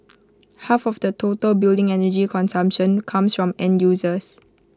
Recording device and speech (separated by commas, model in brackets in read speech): close-talking microphone (WH20), read sentence